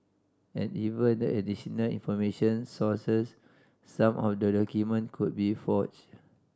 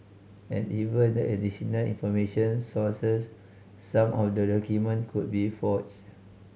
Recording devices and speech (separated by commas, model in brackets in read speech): standing microphone (AKG C214), mobile phone (Samsung C5010), read sentence